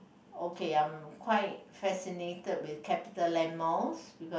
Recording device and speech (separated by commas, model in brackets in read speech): boundary microphone, conversation in the same room